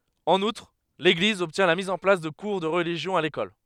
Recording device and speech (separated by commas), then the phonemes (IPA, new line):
headset microphone, read sentence
ɑ̃n utʁ leɡliz ɔbtjɛ̃ la miz ɑ̃ plas də kuʁ də ʁəliʒjɔ̃ a lekɔl